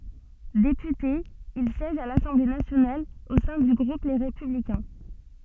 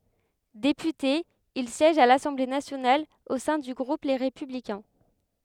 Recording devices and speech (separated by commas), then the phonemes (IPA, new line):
soft in-ear microphone, headset microphone, read sentence
depyte il sjɛʒ a lasɑ̃ble nasjonal o sɛ̃ dy ɡʁup le ʁepyblikɛ̃